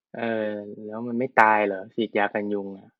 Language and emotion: Thai, neutral